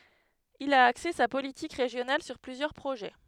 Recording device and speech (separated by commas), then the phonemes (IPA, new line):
headset microphone, read sentence
il a akse sa politik ʁeʒjonal syʁ plyzjœʁ pʁoʒɛ